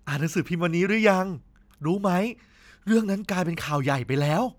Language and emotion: Thai, happy